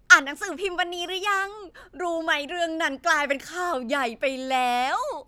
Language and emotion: Thai, happy